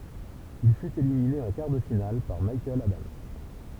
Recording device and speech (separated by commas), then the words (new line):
temple vibration pickup, read sentence
Il fut éliminé en quart de finale par Michael Adams.